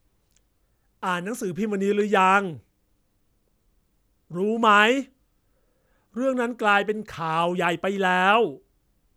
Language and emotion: Thai, angry